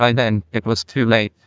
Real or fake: fake